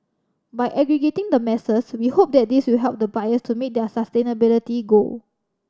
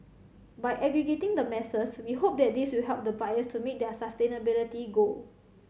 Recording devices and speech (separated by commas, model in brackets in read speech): standing microphone (AKG C214), mobile phone (Samsung C7100), read sentence